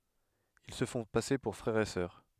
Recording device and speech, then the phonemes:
headset microphone, read sentence
il sə fɔ̃ pase puʁ fʁɛʁ e sœʁ

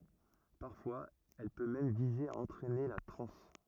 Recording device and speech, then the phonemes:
rigid in-ear microphone, read sentence
paʁfwaz ɛl pø mɛm vize a ɑ̃tʁɛne la tʁɑ̃s

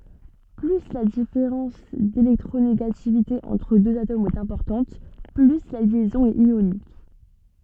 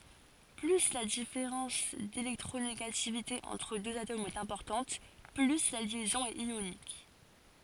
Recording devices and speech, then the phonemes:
soft in-ear microphone, forehead accelerometer, read sentence
ply la difeʁɑ̃s delɛktʁoneɡativite ɑ̃tʁ døz atomz ɛt ɛ̃pɔʁtɑ̃t ply la ljɛzɔ̃ ɛt jonik

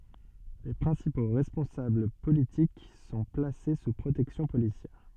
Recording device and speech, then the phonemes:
soft in-ear microphone, read sentence
le pʁɛ̃sipo ʁɛspɔ̃sabl politik sɔ̃ plase su pʁotɛksjɔ̃ polisjɛʁ

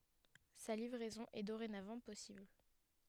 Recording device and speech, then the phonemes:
headset microphone, read sentence
sa livʁɛzɔ̃ ɛ doʁenavɑ̃ pɔsibl

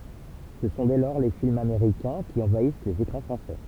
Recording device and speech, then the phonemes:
temple vibration pickup, read sentence
sə sɔ̃ dɛ lɔʁ le filmz ameʁikɛ̃ ki ɑ̃vais lez ekʁɑ̃ fʁɑ̃sɛ

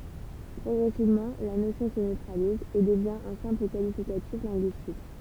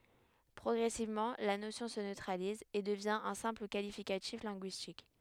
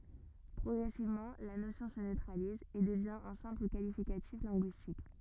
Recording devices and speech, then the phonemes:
temple vibration pickup, headset microphone, rigid in-ear microphone, read sentence
pʁɔɡʁɛsivmɑ̃ la nosjɔ̃ sə nøtʁaliz e dəvjɛ̃ œ̃ sɛ̃pl kalifikatif lɛ̃ɡyistik

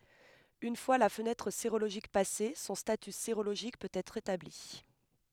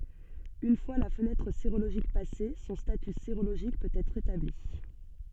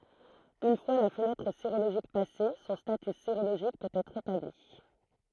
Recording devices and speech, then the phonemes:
headset microphone, soft in-ear microphone, throat microphone, read sentence
yn fwa la fənɛtʁ seʁoloʒik pase sɔ̃ staty seʁoloʒik pøt ɛtʁ etabli

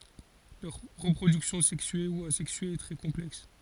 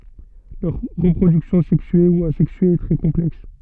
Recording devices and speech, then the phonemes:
forehead accelerometer, soft in-ear microphone, read sentence
lœʁ ʁəpʁodyksjɔ̃ sɛksye u azɛksye ɛ tʁɛ kɔ̃plɛks

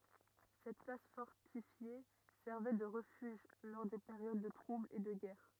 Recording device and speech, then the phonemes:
rigid in-ear microphone, read sentence
sɛt plas fɔʁtifje sɛʁvɛ də ʁəfyʒ lɔʁ de peʁjod də tʁublz e də ɡɛʁ

